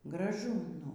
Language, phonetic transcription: Lithuanian, graˈžu ˈnu

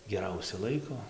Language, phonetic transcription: Lithuanian, geˈrausia ˈlaiko

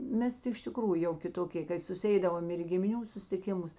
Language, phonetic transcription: Lithuanian, ˈmes ti iš tiˈkrųju jau kiˈtokė ˈkai susiˈeidavom ir į gimiˈnių sustiˈkimus

